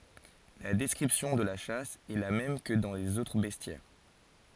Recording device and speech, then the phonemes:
forehead accelerometer, read sentence
la dɛskʁipsjɔ̃ də la ʃas ɛ la mɛm kə dɑ̃ lez otʁ bɛstjɛʁ

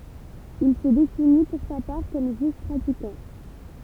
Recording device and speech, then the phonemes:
temple vibration pickup, read sentence
il sə defini puʁ sa paʁ kɔm ʒyif pʁatikɑ̃

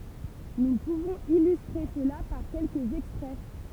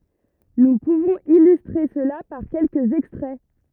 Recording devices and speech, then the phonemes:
temple vibration pickup, rigid in-ear microphone, read sentence
nu puvɔ̃z ilystʁe səla paʁ kɛlkəz ɛkstʁɛ

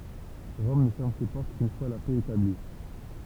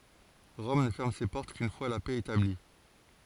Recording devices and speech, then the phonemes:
temple vibration pickup, forehead accelerometer, read sentence
ʁɔm nə fɛʁm se pɔʁt kyn fwa la pɛ etabli

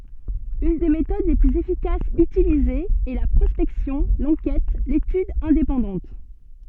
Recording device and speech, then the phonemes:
soft in-ear microphone, read sentence
yn de metod le plyz efikasz ytilizez ɛ la pʁɔspɛksjɔ̃ lɑ̃kɛt letyd ɛ̃depɑ̃dɑ̃t

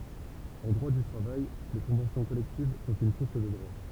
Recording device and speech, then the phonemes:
temple vibration pickup, read sentence
ɑ̃ dʁwa dy tʁavaj le kɔ̃vɑ̃sjɔ̃ kɔlɛktiv sɔ̃t yn suʁs də dʁwa

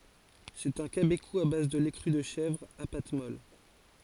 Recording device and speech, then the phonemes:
forehead accelerometer, read sentence
sɛt œ̃ kabeku a baz də lɛ kʁy də ʃɛvʁ a pat mɔl

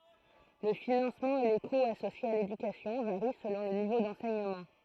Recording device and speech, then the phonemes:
throat microphone, read sentence
lə finɑ̃smɑ̃ e le kuz asosjez a ledykasjɔ̃ vaʁi səlɔ̃ lə nivo dɑ̃sɛɲəmɑ̃

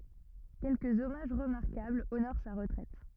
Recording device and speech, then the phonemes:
rigid in-ear microphone, read sentence
kɛlkəz ɔmaʒ ʁəmaʁkabl onoʁ sa ʁətʁɛt

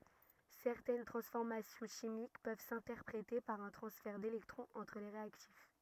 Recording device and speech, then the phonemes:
rigid in-ear microphone, read sentence
sɛʁtɛn tʁɑ̃sfɔʁmasjɔ̃ ʃimik pøv sɛ̃tɛʁpʁete paʁ œ̃ tʁɑ̃sfɛʁ delɛktʁɔ̃z ɑ̃tʁ le ʁeaktif

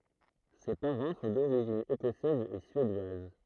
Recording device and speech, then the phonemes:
throat microphone, read sentence
se paʁɑ̃ sɔ̃ doʁiʒin ekɔsɛz e syedwaz

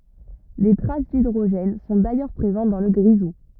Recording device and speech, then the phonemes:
rigid in-ear microphone, read sentence
de tʁas didʁoʒɛn sɔ̃ dajœʁ pʁezɑ̃t dɑ̃ lə ɡʁizu

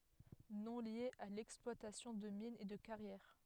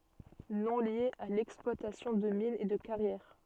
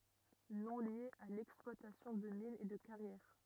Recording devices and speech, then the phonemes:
headset microphone, soft in-ear microphone, rigid in-ear microphone, read sentence
nɔ̃ lje a lɛksplwatasjɔ̃ də minz e də kaʁjɛʁ

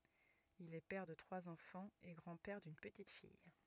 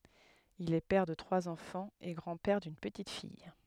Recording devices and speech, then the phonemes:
rigid in-ear microphone, headset microphone, read sentence
il ɛ pɛʁ də tʁwaz ɑ̃fɑ̃z e ɡʁɑ̃ pɛʁ dyn pətit fij

